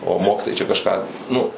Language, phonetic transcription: Lithuanian, o ˈmokitojai čia kažˈką ˈnu

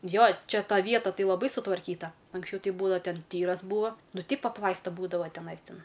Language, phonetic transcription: Lithuanian, ˈjo ˈčia ˈta ˈvieta ˈtai laˈbai sutvarˈkyta anksˈčiau ˈtei ˈbūdava ˈten ˈtyras ˈbūvo ˈnu teip apˈlaista ˈbūdava teˈnais ˈten

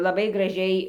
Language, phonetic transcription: Lithuanian, laˈbai graˈžiai

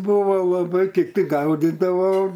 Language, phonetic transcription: Lithuanian, ˈbūva laˈbai kiˈti ˈgaudydavo

